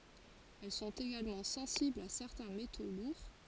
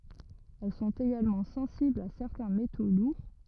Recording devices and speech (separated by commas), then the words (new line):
forehead accelerometer, rigid in-ear microphone, read sentence
Elles sont également sensibles à certains métaux lourds.